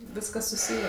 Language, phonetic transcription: Lithuanian, ˈviskas suˈsyjė

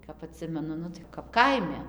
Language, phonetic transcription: Lithuanian, kap aˈtsimenu ˈnu tai kap ˈkaime

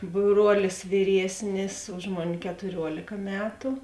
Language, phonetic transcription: Lithuanian, ˈbruolis viˈriesnis ˈuž moˌni ketuˈriuolėka ˈmetu

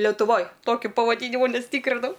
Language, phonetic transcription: Lithuanian, letuˈvoj ˈtokiu pavaˈdynimu ˈnes ˈtykrinau

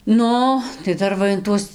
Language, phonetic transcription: Lithuanian, ˈnu tai ˈdar va in ˈtuos

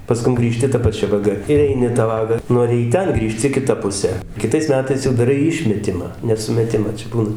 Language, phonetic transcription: Lithuanian, paˈskum grįˈžti ta paˈčia vaˈga ir ˈeini ta ˈvaga ˈnori į ˈten ˈgrįžti kiˈta puˈse kiˈtais meˈtais jau daˈrai ˈišmetimą ne sumeˈtima ˈčia ˈbūna

